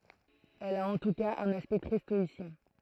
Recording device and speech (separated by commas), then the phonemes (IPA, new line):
throat microphone, read sentence
ɛl a ɑ̃ tu kaz œ̃n aspɛkt tʁɛ stɔisjɛ̃